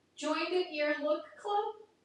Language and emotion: English, sad